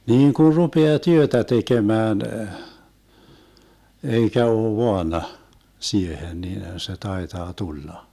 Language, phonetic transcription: Finnish, 'niiŋ kun̬ 'rupea "työtä 'tekemään , 'eikä oo 'voana , 'siehen niinhän se 'taetaa 'tulla .
- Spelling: niin kun rupeaa työtä tekemään eikä ole vaana siihen niinhän se taitaa tulla

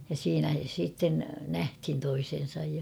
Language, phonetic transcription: Finnish, ja 'siinä siitten "nähthin 'toisen̬saj ja .
- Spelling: ja siinä sitten nähtiin toisensa ja

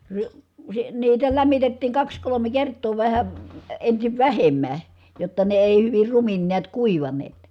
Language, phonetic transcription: Finnish, ri- , si- , niitä lämmitettiiŋ kaks kolome kert̆too vähä , ensiv vähemmä , jotta ne èi hyvir rumin niät kuivaneet .
- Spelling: - - niitä lämmitettiin kaksi kolme kertaa vähän ensin vähemmän jotta ne ei hyvin rumin näet kuivanneet

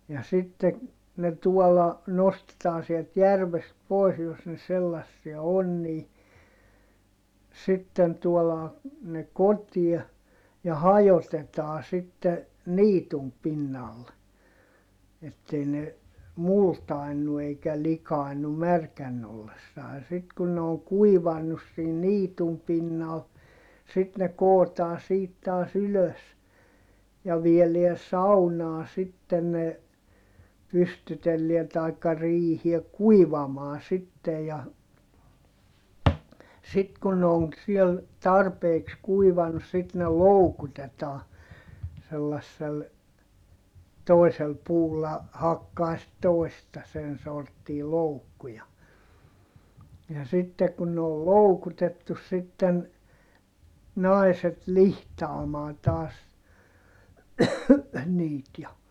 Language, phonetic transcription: Finnish, ja sitte , ne tuɔlla , nostetaan sielt järvest pois jos ne sellassia on nii , sitten tuolaa , ne kotiɛ , ja hajotetaa sitte , niitum pinnal , ettei ne , multai̮nnu eikä likài̮nnu märkänn ‿ollessaa(.) sit kun ne oŋ kuivanus siin niitum pinnal , sit ne kootaa siit taas ‿ylös , ja vieleä saunaa sitten ne , pystytelliä taikka riihie kuivamaa sitte ja , sit kun ne oŋ siel , tarpeeks kuivanᵘs sit ne loukutetaa , sellassel , toi̮sel puulla , hakkaa sit toista sen sorttii loukku ja , ja sitte kun ne ol loukutettus sitten , nai̮set lihtaamaan taas , niit ja ,.
- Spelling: ja sitten ne tuolla nostetaan sieltä järvestä pois jos ne sellaisia on niin sitten tuodaan ne kotiin ja hajotetaan sitten niityn pinnalle että ei ne multaannu eikä likaannu märkänä ollessaan sitten kun ne on kuivanut siinä niityn pinnalla sitten ne kootaan siitä taas ylös ja viedään saunaan sitten ne pystytellään tai riiheen kuivamaan sitten ja sitten kun ne on siellä tarpeeksi kuivanut sitten ne loukutetaan sellaisella toisella puulla hakkaa sitten toista sen sorttia loukkua ja ja sitten kun ne oli loukutettu sitten naiset lihtaamaan taas niitä ja

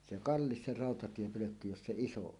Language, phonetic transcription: Finnish, 'se "kallis se 'ràotatiepölökky 'jos 'se "iso 'on .
- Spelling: se kallis se rautatiepölkky jos se iso on

